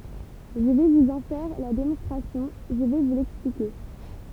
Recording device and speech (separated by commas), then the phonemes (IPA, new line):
temple vibration pickup, read sentence
ʒə vɛ vuz ɑ̃ fɛʁ la demɔ̃stʁasjɔ̃ ʒə vɛ vu lɛksplike